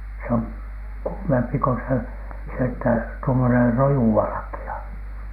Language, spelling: Finnish, se on kuumempi kuin se se että tuommoinen rojuvalkea
- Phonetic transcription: se oŋ "kuumempi ko se , se että , tuomoner "rojuvalᵃki₍a .

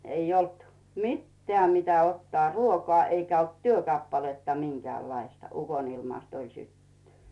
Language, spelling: Finnish, ei ollut mitään mitä ottaa ruokaa eikä ollut työkappaletta minkäänlaista ukonilmasta oli syttynyt
- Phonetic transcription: 'eij ‿olt "mittĕä mitä ottᵒà "ruokᵒà eikä olt "työkappaletta 'miŋkᵉä̀llaista , 'ukonilmast ‿oĺ "syttynt .

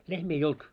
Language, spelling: Finnish, lehmiä ei ollut
- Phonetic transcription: 'lehmii ei "olt .

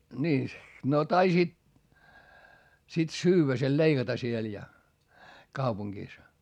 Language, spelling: Finnish, niin no taisit sitten syödä sen leikata siellä ja kaupungissa
- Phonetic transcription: nii , no taisiit , sit syywwä sel leiGata siel ja , kaupuŋGìs .

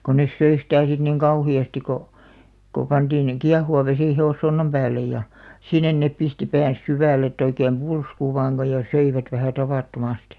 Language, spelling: Finnish, kun ne söi sitä sitten niin kauheasti kun kun pantiin kiehuva vesi hevossonnan päälle ja sinne ne pisti päänsä syvälle että oikein pulskui vain kun ja söivät vähän tavattomasti
- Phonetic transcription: ko nes 'söi sitä̀ sit niŋ "kauhi₍asti ko , ko 'panᴅiin , "kiahuva 'vesì "he₍ossonnam päällej ja , "sinnen 'nep̆ pisti 'pään̬s 'syvä̀lᵉ etᵗ ‿oikeem "pulsku 'vaaŋ ɢo ja "söivät vähä̀ 'tavàtto'mastɪ .

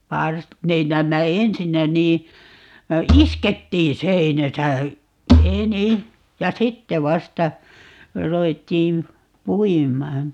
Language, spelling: Finnish, - ne näemmä ensinnä niin iskettiin seinässä enin ja sitten vasta ruvettiin puimaan
- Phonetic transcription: 'pars- , 'ne 'näämmä "ensinnä nii , "iskettiin̬ 'seinäsä , "eni , ja "sitte 'vasta , 'ruvettiim , "puim̀aan .

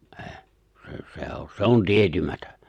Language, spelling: Finnish, ei se se on se on tietämätön
- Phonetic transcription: ’ᴇ̭ᴇ̭ , sᴇ , sᴇ ‿ᴏ 'se on 'tietymätᴏ̈ .

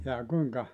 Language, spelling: Finnish, jaa kuinka
- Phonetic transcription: jaa 'kuiŋka ?

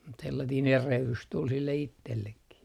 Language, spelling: Finnish, mutta sellainen erehdys tuli sille itsellekin
- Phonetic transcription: mut 'sellatiin "erehlys tul sille 'ittellekki .

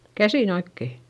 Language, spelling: Finnish, käsin oikein
- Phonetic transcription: käsìn ‿oikke !

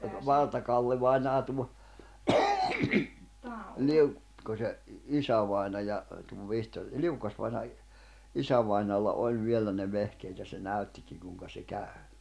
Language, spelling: Finnish, Valtakalle-vainaja tuo - Liukkosen isävainaja tuon Vihtori Liukkos-vainaja isävainajalla oli vielä ne vehkeet ja se näyttikin kuinka se käy
- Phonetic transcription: 'Valtakallevainaa tuo , 'Liuk-' , -Kose , 'isävài̬naja , tuov Vihtor , "Liukkosvaina , 'isävainaalla "oĺ 'viellä ne 'vehkeet ja se 'näy̬ttikiŋ kùⁱŋka se 'kä̀y̬ .

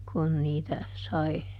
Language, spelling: Finnish, kun niitä sai
- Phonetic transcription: kun niitä , ˈsai ,.

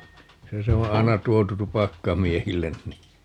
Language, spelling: Finnish, se se on aina tuotu tupakkamiehille niin
- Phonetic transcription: 'se se oo̰ "ai̮na 'tuotu "tupakkamiehillen ni .

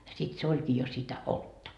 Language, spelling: Finnish, sitten se olikin jo sitä olutta
- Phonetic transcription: sit se 'oĺkii jo sitä "oltta .

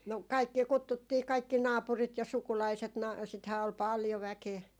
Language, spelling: Finnish, no kaikkia kutsuttiin kaikki naapurit ja sukulaiset - sitähän oli paljon väkeä
- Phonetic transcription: no , "kaikkii 'kuttuttii 'kaikki "naapurit ja 'sukulaiset na- , sithää ol "paljo 'väkee .

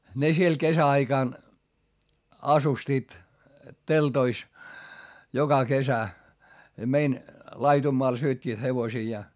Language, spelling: Finnish, ne siellä kesäaikaan asustivat teltoissa joka kesä meidän laidunmaalla syöttivät hevosiaan
- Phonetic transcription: ne siel kesä₍aikàn , asustiit , teltois , joka kesä , mein , laitummoal syöt́t́iit hevosiijaa .

